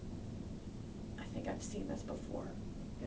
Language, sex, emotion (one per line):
English
female
neutral